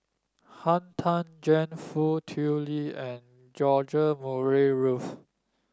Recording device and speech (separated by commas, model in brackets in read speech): standing microphone (AKG C214), read sentence